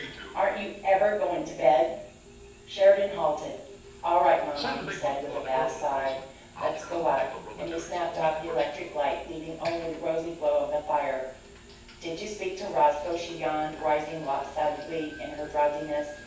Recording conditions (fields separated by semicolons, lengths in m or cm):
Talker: one person; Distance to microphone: 9.8 m; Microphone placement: far; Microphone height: 1.8 m; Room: large; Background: television